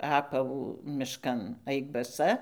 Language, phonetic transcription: Lithuanian, ˈapavų mišˈkan ˈaik baˈsa

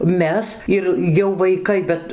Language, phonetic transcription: Lithuanian, ˈmes ir jau vaiˈkai ˈbet

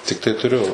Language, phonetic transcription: Lithuanian, tikˈtai tuˈriu

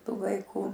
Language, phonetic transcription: Lithuanian, ˈtų vaiˈkų

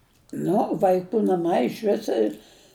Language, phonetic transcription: Lithuanian, ˈnu vaiˈkų naˈmai išˈvis i

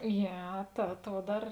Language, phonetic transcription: Lithuanian, ˈjie ta ˈtuo ˈdar

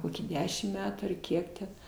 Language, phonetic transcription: Lithuanian, ˈkokį ˈdešim ˈmetų ar ˈkiek ten

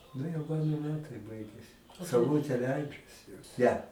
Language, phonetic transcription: Lithuanian, ˈnu jau ˈmano ˈmetai ˈbaigiasi sauˈlutė ˈleidžasi ˈne

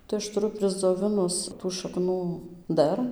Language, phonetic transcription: Lithuanian, tai ˈaš tuˈru prisdzoˈvinus tų šaˈknų ˈdar

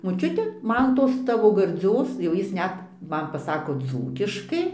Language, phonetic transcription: Lithuanian, moˈčiute ˈman ˈtos ˈtavo garˈdzios jau ˈjis ˈnet ˈman paˈsako ˈdzūkiškai

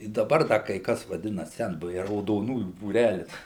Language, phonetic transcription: Lithuanian, i daˈbar ˈda kai ˈkas vaˈdina ˈsenbuviai raudoˈnųjų būˈrælis

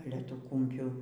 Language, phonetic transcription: Lithuanian, ˈale ˈtų ˈkumpių

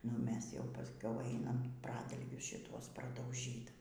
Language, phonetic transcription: Lithuanian, nu ˈmes jau pasˈkiau ˈainam ˈpradalgius šiˈtuos pradauˈžyt

